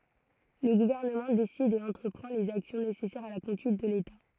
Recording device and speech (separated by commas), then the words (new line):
throat microphone, read sentence
Le gouvernement décide et entreprend les actions nécessaires à la conduite de l'État.